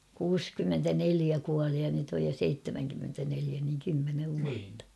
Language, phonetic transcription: Finnish, 'kuuskymmentäneliä kuali ja nyt ‿oj jo 'seittemäŋkymmentäneliä niŋ kymmenev vuatta .
- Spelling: kuusikymmentäneljä kuoli ja nyt on jo seitsemänkymmentäneljä niin kymmenen vuotta

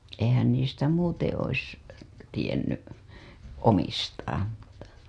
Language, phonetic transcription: Finnish, eihän niistä "muuteḛ ois , tienny , 'omistaam mu(tta) .
- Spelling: eihän niistä muuten olisi tiennyt omistaan mutta

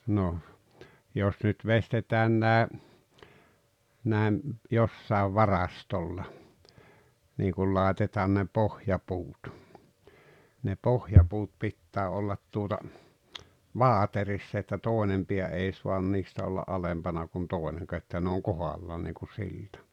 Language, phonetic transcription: Finnish, no , 'jos nyt 'vestetään nä̀e , nä̀em , 'jossàev "varastolla , niiŋ kul 'làetetaan ne "pohja'puut , ne "pohjapuut 'pittää ollat tuota , "vaateriss ‿että "tòenem piä 'ei suan 'niistä olla "’alempana kun 'tòeneŋka että ne oŋ "kohallaan niiŋku 'siltᴀ .
- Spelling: no jos nyt veistetään nämä nämä jossakin varastolla niin kun laitetaan ne pohjapuut ne pohjapuut pitää olla tuota vaaterissa että toinen pää ei saa niistä olla alempana kuin toinenkaan että ne on kohdallaan niin kuin silta

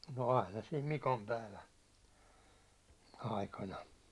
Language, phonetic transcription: Finnish, no 'aina sim "Mikompäivän̬ , 'aikana .
- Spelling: no aina sitten Mikonpäivän aikana

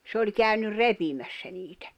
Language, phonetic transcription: Finnish, s ‿oĺ kä̀ynyr "repimässä niitᴀ̈ .
- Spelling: se oli käynyt repimässä niitä

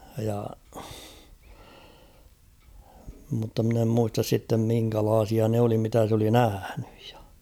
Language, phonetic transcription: Finnish, ja , mutta mᵎn ‿em 'muistas sittem 'miŋkälaasia ne oli mitä s ‿oli "nähäɴʏᴊ ᴊᴀ .
- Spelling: ja mutta minä en muista sitten minkälaisia ne oli mitä se oli nähnyt ja

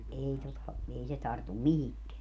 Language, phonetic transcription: Finnish, 'ei tota , 'ei se 'tartum "mihikkeä .
- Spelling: ei tuota ei se tartu mihinkään

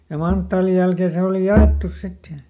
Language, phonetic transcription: Finnish, ja "manttaalij jälkeen ˈse oli "ja₍èttus ˈsit ja ,.
- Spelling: ja manttaalin jälkeen se oli jaettu sitten ja

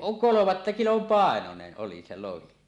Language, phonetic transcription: Finnish, kolomatta "kilom 'pàenonen 'ˀoli se 'lohi .
- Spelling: kolmatta kilon painoinen oli se lohi

